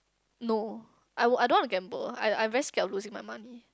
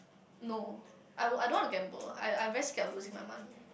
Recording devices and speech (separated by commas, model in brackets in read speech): close-talking microphone, boundary microphone, conversation in the same room